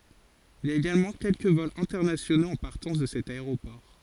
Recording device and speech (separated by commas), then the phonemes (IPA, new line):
forehead accelerometer, read sentence
il i a eɡalmɑ̃ kɛlkə vɔlz ɛ̃tɛʁnasjonoz ɑ̃ paʁtɑ̃s də sɛt aeʁopɔʁ